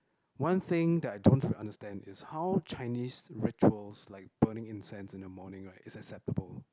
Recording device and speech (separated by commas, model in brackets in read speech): close-talking microphone, conversation in the same room